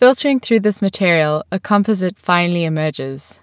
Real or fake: real